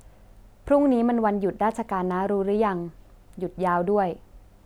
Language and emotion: Thai, neutral